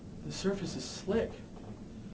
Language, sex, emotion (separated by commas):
English, male, fearful